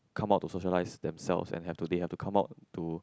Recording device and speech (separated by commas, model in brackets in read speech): close-talking microphone, conversation in the same room